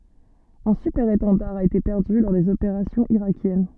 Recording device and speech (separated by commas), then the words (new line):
soft in-ear microphone, read sentence
Un Super-Étendard a été perdu lors des opérations irakiennes.